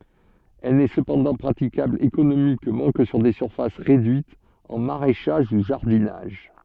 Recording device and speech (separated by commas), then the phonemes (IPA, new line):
soft in-ear microphone, read sentence
ɛl nɛ səpɑ̃dɑ̃ pʁatikabl ekonomikmɑ̃ kə syʁ de syʁfas ʁedyitz ɑ̃ maʁɛʃaʒ u ʒaʁdinaʒ